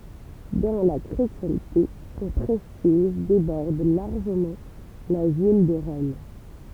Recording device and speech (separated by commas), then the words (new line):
temple vibration pickup, read sentence
Dans la chrétienté son prestige déborde largement la ville de Rome.